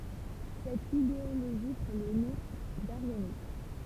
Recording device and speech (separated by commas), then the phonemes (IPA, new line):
temple vibration pickup, read sentence
sɛt ideoloʒi pʁɑ̃ lə nɔ̃ daʁjanism